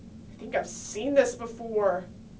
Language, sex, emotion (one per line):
English
female
disgusted